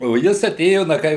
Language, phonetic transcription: Lithuanian, o ˈjis aˈtėjo ˈna ˈkai

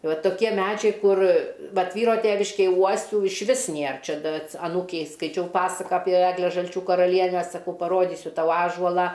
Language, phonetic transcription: Lithuanian, ˈva toˈkie ˈmædžiai ˈkur ˈvat ˈvyro ˈtėviškėj ˈuosių išˈvis ˈnėr ˈčia ˈda ats aˈnūkei skaiˈčiau ˈpasaka ˈapie ˈegle žalˈčių karaˈlienę saˈkau paˈrodysiu ˈtau ˈąžuolą

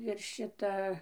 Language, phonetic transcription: Lithuanian, ir ˈšita

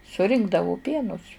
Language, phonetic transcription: Lithuanian, suˈrinkdavo ˈpienus

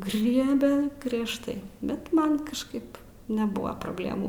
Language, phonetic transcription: Lithuanian, ˈgriebe griežˈtai ˈbet ˈman kažˈkaip neˈbua probˈlėmų

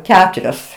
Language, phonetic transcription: Lithuanian, ˈketurios

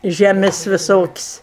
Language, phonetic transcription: Lithuanian, žeˈmis' viˈsokis'

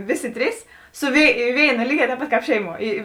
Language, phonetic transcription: Lithuanian, ˈviˌsi ˈtrys su vėi ˈvėina ˈlyˌgē tēp ˈpat kāp ˈšeiˌmuo ˈy

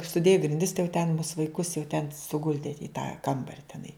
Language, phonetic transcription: Lithuanian, suˈdėju grinˈdis tai jau ten mus vaiˈkus jau ten suˈguldi i tą ˈkambari teˈnai

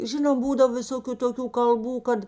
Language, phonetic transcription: Lithuanian, ˈžinom ˈbūdav viˈsokiu toˈkių kalˈbų ˈkad

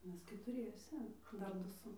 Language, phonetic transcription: Lithuanian, ˈmes ketuˈriese ˈdar ˈdu ˈsu

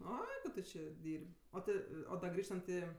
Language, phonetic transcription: Lithuanian, ˈoi ˈtu či ˈdyr'b' ˈo ti o da ˈgrįžtant i

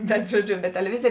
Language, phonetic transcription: Lithuanian, bet žoˈdžiu bet teleˈvizėj

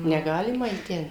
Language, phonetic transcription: Lithuanian, neˈgalima į ˈten

